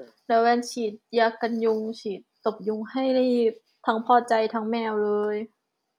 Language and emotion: Thai, neutral